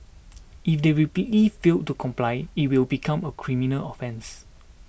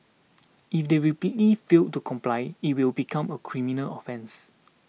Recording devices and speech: boundary microphone (BM630), mobile phone (iPhone 6), read sentence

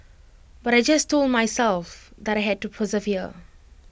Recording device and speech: boundary microphone (BM630), read sentence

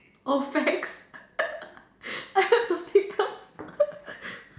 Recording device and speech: standing microphone, conversation in separate rooms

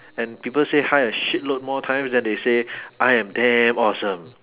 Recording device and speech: telephone, conversation in separate rooms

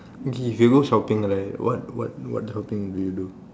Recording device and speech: standing microphone, conversation in separate rooms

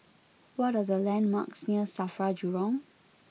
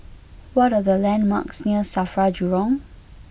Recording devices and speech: mobile phone (iPhone 6), boundary microphone (BM630), read sentence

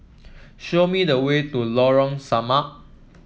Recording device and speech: mobile phone (iPhone 7), read sentence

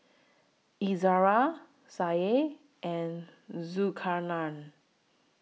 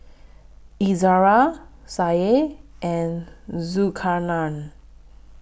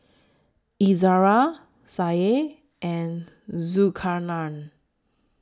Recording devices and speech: mobile phone (iPhone 6), boundary microphone (BM630), standing microphone (AKG C214), read sentence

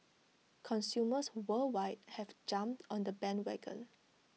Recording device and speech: mobile phone (iPhone 6), read sentence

